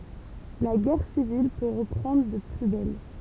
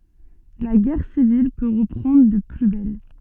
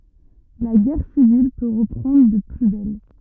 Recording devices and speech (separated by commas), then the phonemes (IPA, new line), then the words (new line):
temple vibration pickup, soft in-ear microphone, rigid in-ear microphone, read sentence
la ɡɛʁ sivil pø ʁəpʁɑ̃dʁ də ply bɛl
La guerre civile peut reprendre de plus belle.